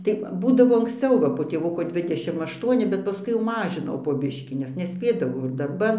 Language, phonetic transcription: Lithuanian, tai ˈbūdavo anksˈciau va po tėˈvuko ˈdvidešim ašˈtuoni bet paˈskui jau ˈmažinau po ˈbiškį nes neˈspėdavau ir darˈban

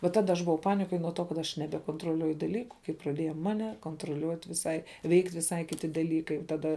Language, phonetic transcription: Lithuanian, va ˈtada aš buˈvau ˈpanikoj nuo ˈto kad ˈaš nebekontroˈliuoju daˈlyku kai praˈdieja ˈmane kontroˈliuot' viˈsai ˈveikt' viˈsai kiˈti daˈlykai taˈda

